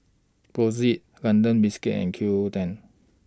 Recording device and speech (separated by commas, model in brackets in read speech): standing microphone (AKG C214), read sentence